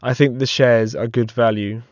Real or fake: real